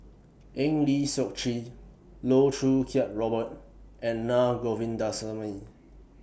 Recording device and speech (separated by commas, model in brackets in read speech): boundary microphone (BM630), read sentence